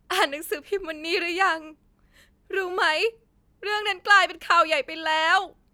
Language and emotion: Thai, sad